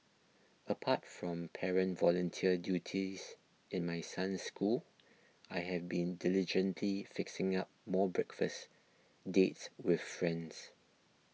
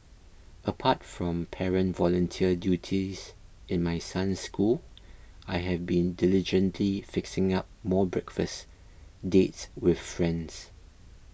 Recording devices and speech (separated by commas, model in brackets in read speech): mobile phone (iPhone 6), boundary microphone (BM630), read sentence